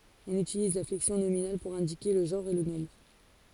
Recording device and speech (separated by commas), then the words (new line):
forehead accelerometer, read sentence
On utilise la flexion nominale pour indiquer le genre et le nombre.